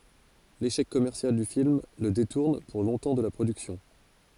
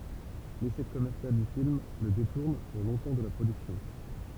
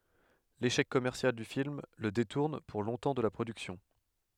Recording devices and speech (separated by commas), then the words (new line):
forehead accelerometer, temple vibration pickup, headset microphone, read sentence
L'échec commercial du film le détourne pour longtemps de la production.